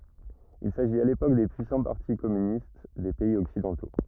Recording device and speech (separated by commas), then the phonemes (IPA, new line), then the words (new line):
rigid in-ear microphone, read sentence
il saʒit a lepok de pyisɑ̃ paʁti kɔmynist de pɛiz ɔksidɑ̃to
Il s’agit à l’époque des puissants partis communistes des pays occidentaux.